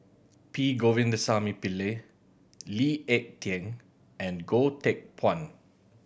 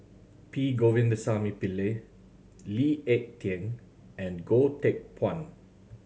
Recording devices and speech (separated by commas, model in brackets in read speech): boundary microphone (BM630), mobile phone (Samsung C7100), read sentence